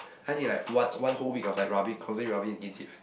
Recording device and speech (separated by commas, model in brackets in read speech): boundary microphone, conversation in the same room